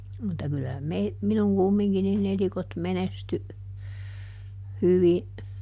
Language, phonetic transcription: Finnish, mutta ˈkylä mei- , ˈminuŋ "kummiŋki niˈn ‿elikot ˈmenesty , ˈhyvi ,.
- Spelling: mutta kyllä - minun kumminkin niin elikot menestyi hyvin

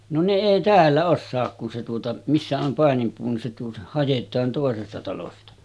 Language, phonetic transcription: Finnish, » no ne 'èi "täällä 'ossaak kun se tuota , missä om 'pàenimpuu ni se tuota , 'hajet̆taan tòesesta talosta « .
- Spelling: no ne ei täällä osaa kun se tuota missä on paininpuu niin se tuota haetaan toisesta talosta

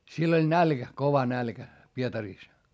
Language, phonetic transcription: Finnish, siell ‿oĺ nälkä , kova nälkä , Pietarìs .
- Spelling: siellä oli nälkä kova nälkä Pietarissa

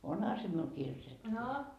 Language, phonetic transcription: Finnish, 'onha se miul 'kirjoitettu .
- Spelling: onhan se minulla kirjoitettu

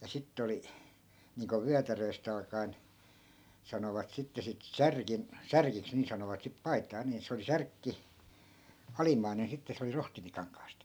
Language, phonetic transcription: Finnish, ja 'sitte oli , niiŋko 'vyätärööst ‿alka(en , 'sanovat sitte sit "särkim- , 'särkiks nii sanovat sip 'pai̮t̆taa nii 'se oli "särkki , 'alimmainen sitte 'se oli 'rohtimikaŋkaast .
- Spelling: ja sitten oli niin kuin vyötäröstä alkaen sanovat sitten sitten - särkiksi niin sanovat sitten paitaa niin se oli särkki alimmainen sitten se oli rohtimikankaasta

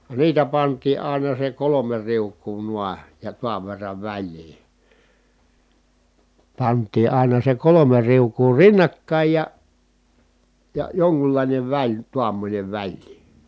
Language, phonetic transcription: Finnish, niitä pant̆tii ài̮na se kolome riuk̆kuu nua , ja tuav verrav väĺlii , pant̆tii àina se kolome riuk̀uu rinnakkàij ja , ja joŋkullàinev väĺ , tuammońev väĺlii .
- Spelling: niitä pantiin aina se kolme riukua noin ja tuon verran väliin pantiin aina se kolme riukua rinnakkain ja ja jonkunlainen väli tuommoinen väliin

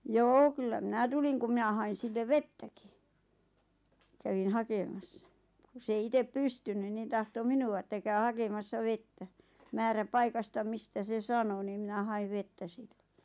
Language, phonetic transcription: Finnish, joo kyllä "minä tuliŋ kum 'mⁱnä hain̬ 'sillev "vettäki , 'kävin "hakemassa , ku 's ‿ei "itep "pystynyn nin 'tahto "minu₍a ᵉttä » käy 'hakemassa "vettä « , määrä'paikasta 'mistä se "sano niim̆ mⁱnä 'haiv 'vettä si(ʟʟᴇ) .
- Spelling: joo kyllä minä tulin kun minä hain sille vettäkin kävin hakemassa kun se ei itse pystynyt niin tahtoi minua että käy hakemassa vettä määräpaikasta mistä se sanoi niin minä hain vettä silloin

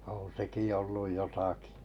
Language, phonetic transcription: Finnish, oo̰ 'seki olluj jotaki .
- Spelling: on sekin ollut jotakin

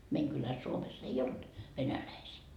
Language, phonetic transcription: Finnish, 'meiŋ kyläs 'Suomess ‿ei "olt 'venäläisii .
- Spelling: meidän kylässä Suomessa ei ollut venäläisiä

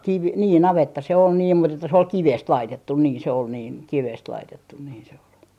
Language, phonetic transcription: Finnish, kivi - nii "navetta se on niim mut ‿että se ol "kivest 'laitettun 'niin se ol niin , 'kivest 'laitettun niin se ol .
- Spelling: - niin navetta se on niin mutta että se oli kivestä laitettu niin se oli niin kivestä laitettu niin se oli

